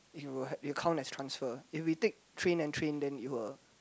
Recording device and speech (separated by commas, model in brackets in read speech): close-talking microphone, conversation in the same room